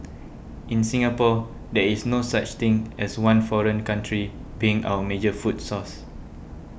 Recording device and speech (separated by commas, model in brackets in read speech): boundary microphone (BM630), read sentence